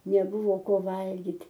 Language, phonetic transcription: Lithuanian, neˈbuvo ˈko ˈvalgit'

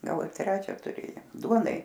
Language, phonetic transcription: Lithuanian, ˈgal ir ˈtrečia tuˈrėjom ˈduonai

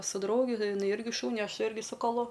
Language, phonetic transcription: Lithuanian, su ˈdraugi iˈnai ˈirgi ˈšūni ˈaš ˈirgi su kaˈlu

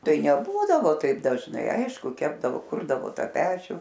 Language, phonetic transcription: Lithuanian, ˈtai neˈbūdavo taip dažˈnai ˈaišku ˈkepdavo ˈkurdavo ˈta ˈpečių

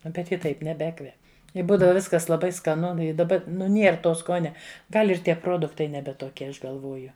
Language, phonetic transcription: Lithuanian, ˈnu bet ˈji ˈtaip neˈbekvep i ˈbūdava ˈviskas laˈbai skaˈnu i daˈba nu ˈnier ˈto ˈskonia ˈgal' ir ˈtie ˈproduktai ˈnebe toˈkie ˈaš galˈvoju

